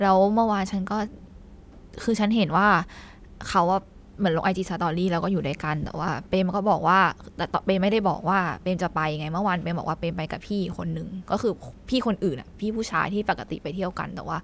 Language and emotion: Thai, sad